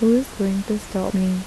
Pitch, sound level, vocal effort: 195 Hz, 78 dB SPL, soft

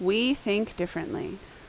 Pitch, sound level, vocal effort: 205 Hz, 79 dB SPL, loud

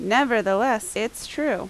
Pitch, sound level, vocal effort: 225 Hz, 85 dB SPL, very loud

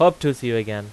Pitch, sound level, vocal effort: 120 Hz, 92 dB SPL, loud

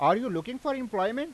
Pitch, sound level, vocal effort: 260 Hz, 96 dB SPL, loud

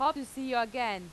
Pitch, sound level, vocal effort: 245 Hz, 94 dB SPL, very loud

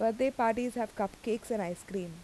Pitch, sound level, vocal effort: 225 Hz, 84 dB SPL, normal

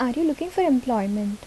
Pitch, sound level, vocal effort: 255 Hz, 74 dB SPL, soft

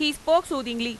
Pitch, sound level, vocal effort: 285 Hz, 95 dB SPL, loud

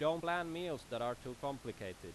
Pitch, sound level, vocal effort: 130 Hz, 92 dB SPL, very loud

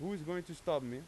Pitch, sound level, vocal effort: 165 Hz, 93 dB SPL, loud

